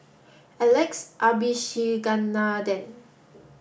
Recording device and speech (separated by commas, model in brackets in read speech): boundary microphone (BM630), read sentence